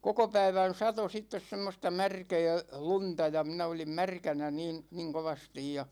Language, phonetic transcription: Finnish, koko 'päivän "sato 'sittes 'semmosta 'märkɛɛ , "lunta ja , 'minä olim "märkänä 'niin , niŋ 'kovastij ja ,.
- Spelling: koko päivän satoi sitten semmoista märkää lunta ja minä olin märkänä niin niin kovasti ja

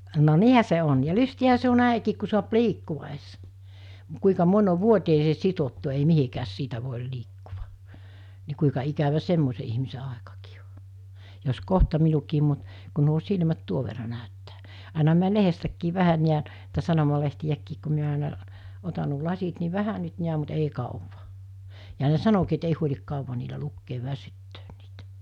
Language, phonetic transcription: Finnish, no "niihä se on ja 'lysti₍ähä se on̆ 'nä̀ikiik ku suap "liikkuᵛa es , m(u)t 'kuika 'moń ov 'vuot̳́eesee 'sit̳ottu ei 'mihikääs 'siitä vòel 'liikkuva , ni kuika ikävä 'semmose ihmise 'àekakii o , jos 'kohta minukiim mut , kun̆ nuo 'silmät 'tuov verra nä̀öttää,àina mi̬ä 'lehestäkkiiv̆ 'vähän niän , -ta 'sanomalehtiʲäkkiik ku mi̬ä àena , 'otan̆ nuo 'lasit ni "vähä nyt 'niäm̆ mut 'ei kàuva , ja ne "sanokii et 'ei huoĺik 'kàuva niilä 'lukkeev'väsyttöön niitᴀ̈ .
- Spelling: no niinhän se on ja lystiähän se on näinkin kun saa liikkua edes mutta kuinka moni on vuoteeseen sidottu ei mihinkään siitä voi liikkua niin kuinka ikävä semmoisen ihmisen aikakin on jos kohta minunkin mutta kun nuo silmät tuon verran näyttää aina minä lehdestäkin vähän näen - sanomalehtiäkin kun minä aina otan nuo lasit niin vähän nyt näen mutta ei kauan ja ne sanoikin että ei huoli kauan niillä lukea väsyttää niitä

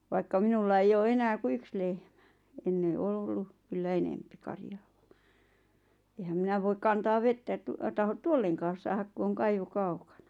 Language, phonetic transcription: Finnish, vaikka 'minulla eij ‿oo 'enää ku "yks 'lehᴍᴀ̈ , enne 'ol ‿ollu , kyllä 'enempi 'karjᴀᴀ ᴠᴀ , ehäm 'minä voik 'kantaav "vettä ᵉᵗˉ , tahot "tuolleŋkaas 'saahak ku oŋ 'kaivo 'kaukᴀɴᴀ .
- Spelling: vaikka minulla ei ole enää kuin yksi lehmä ennen oli ollut kyllä enempi karjaa vain enhän minä voi kantaa vettä että tahdo tuollekaan saada kun on kaivo kaukana

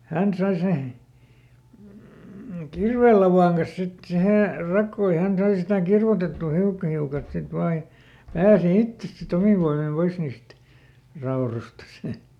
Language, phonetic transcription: Finnish, "hän sai se , ˈkirvèllavàŋ kas ˈsit ˈsihè , ˈrakkoo ja ˈhän ˈsai sitä "kirvotettù ˈhiukka hiukalt sit ˈvaa ʲᵃ , ˈpääsi "ittes siˈt ‿omiv voimim ˈpois niist , ˈraorostas .
- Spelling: hän sai sen kirveenlavan kanssa sitten siihen rakoon ja hän sai sitä kirvoitettua hiukka hiukalta sitten vain ja pääsi itse sitten omin voimin pois niistä raudoistaan

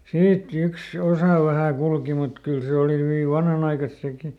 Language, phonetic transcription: Finnish, ˈsiit "yks , ˈosà vähä̀ ˈkulki mut ˈkyl se ˈòli hyvi ˈvanhanaikas ˈseki .
- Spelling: siitä yksi osa vähän kulki mutta kyllä se oli hyvin vanhanaikaista sekin

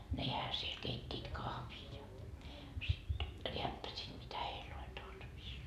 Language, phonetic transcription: Finnish, "nehä siel 'keit́t́it 'kahvii ja , sit , 'reäppäsiit mitä 'heil ‿oĺ tarvis .
- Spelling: nehän siellä keittivät kahvia ja sitten rääppäsivät mitä heillä oli tarvis

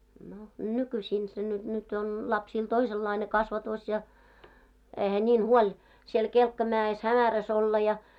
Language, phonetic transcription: Finnish, no 'nykyśiin se ny- nyt on , 'lapsiil "toisellaine kasvatòs ja , eihä ńiin "huoĺ , siel 'kelkka'mä₍es 'hämäräs ‿olla ja .
- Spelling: no nykyisin se - nyt on lapsilla toisenlainen kasvatus ja eihän niin huoli siellä kelkkamäessä hämärässä olla ja

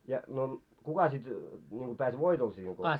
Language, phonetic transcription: Finnish, ja no "kuka sit , niŋko pääs "voitol siiŋ ko ?
- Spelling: ja no kuka sitten niin kuin pääsi voitolle siinä kun

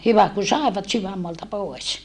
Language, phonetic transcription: Finnish, hyvä ku sàevat syvämmoalta pòes .
- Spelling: hyvä kun saivat sydänmaalta pois

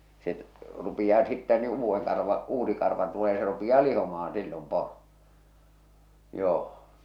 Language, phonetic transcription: Finnish, se , rupiʲaa sittä ni 'uuvveŋ karva , 'uusi karva tulee se rupiʲaa 'lihomahaa̰ 'sillom 'poro , 'joo .
- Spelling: se rupeaa sitten niin uuden karva uusi karva tulee se rupeaa lihomaan silloin poro joo

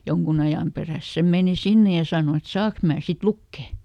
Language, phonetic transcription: Finnish, ˈjoŋkun ajàm perä̀s se ˈmèni "sinne ja ˈsàno et » ˈsaak mää sit "lukke » .
- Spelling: jonkun ajan perässä se meni sinne ja sanoi että saanko minä sitten lukea

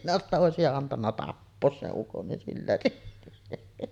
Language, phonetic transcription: Finnish, minä että » 'òesija antanna "tappoos 'seˀ 'ˀukon nin sillä siisti « .
- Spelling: minä että olisitte antanut tappaa sen ukon niin sillä siisti

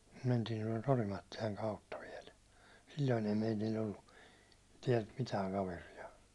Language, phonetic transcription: Finnish, 'mentiin tuålt "Orimattilaŋ 'kautta viɛl , silloin ei 'meitil̜l̜ ‿ollu , 'tiɛlt 'mitääŋ 'kaveri₍a .
- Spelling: mentiin tuolta Orimattilan kautta vielä silloin ei meillä ollut täältä mitään kaveria

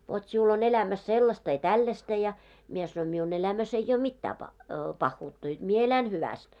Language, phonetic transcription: Finnish, vot siul ‿on 'elämäs 'sellasta ja "tällästä ja. « mie sanoin » miun 'elämäs ei ‿ʲoo "mittää pah- , 'pahhuutta jot mie 'elän 'hyväst « .
- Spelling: vot sinulla on elämässä sellaista ja tällaista ja minä sanoin minun elämässä ei ole mitään - pahuutta jotta minä elän hyvästi

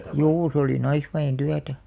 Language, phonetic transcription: Finnish, juu se oli 'naisväʲen 'tyätä .
- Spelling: juu se oli naisväen työtä

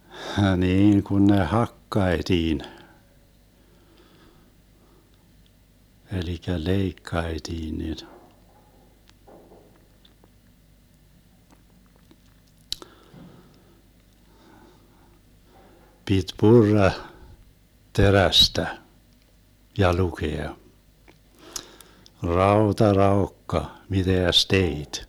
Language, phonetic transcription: Finnish, 'hniiŋ kun ne "hakkaetiin , 'elikä "leikkaetiin nin , 'pit "purra , "terästä , ja 'lukea : » 'raota "raokka , 'miteäs "teit .
- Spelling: niin kun ne hakattiin eli leikattiin niin piti purra terästä ja lukea rauta raukka mitäs teit

